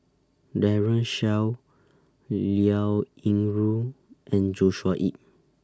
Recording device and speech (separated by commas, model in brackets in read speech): standing microphone (AKG C214), read sentence